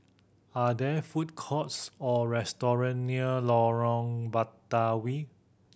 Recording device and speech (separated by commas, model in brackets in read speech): boundary microphone (BM630), read sentence